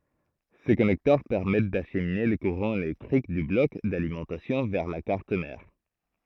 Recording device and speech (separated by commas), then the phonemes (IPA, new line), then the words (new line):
throat microphone, read sentence
se kɔnɛktœʁ pɛʁmɛt daʃmine lə kuʁɑ̃ elɛktʁik dy blɔk dalimɑ̃tasjɔ̃ vɛʁ la kaʁt mɛʁ
Ces connecteurs permettent d'acheminer le courant électrique du bloc d'alimentation vers la carte mère.